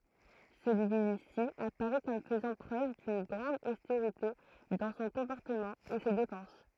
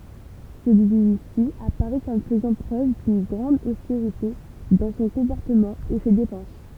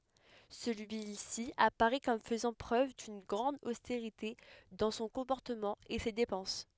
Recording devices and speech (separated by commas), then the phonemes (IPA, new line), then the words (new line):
throat microphone, temple vibration pickup, headset microphone, read sentence
səlyisi apaʁɛ kɔm fəzɑ̃ pʁøv dyn ɡʁɑ̃d osteʁite dɑ̃ sɔ̃ kɔ̃pɔʁtəmɑ̃ e se depɑ̃s
Celui-ci apparaît comme faisant preuve d’une grande austérité dans son comportement et ses dépenses.